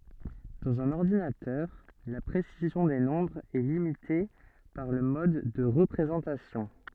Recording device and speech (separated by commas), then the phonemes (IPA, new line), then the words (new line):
soft in-ear microphone, read sentence
dɑ̃z œ̃n ɔʁdinatœʁ la pʁesizjɔ̃ de nɔ̃bʁz ɛ limite paʁ lə mɔd də ʁəpʁezɑ̃tasjɔ̃
Dans un ordinateur, la précision des nombres est limitée par le mode de représentation.